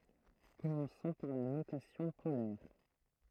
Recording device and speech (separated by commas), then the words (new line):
throat microphone, read sentence
Commençons par la notation polaire.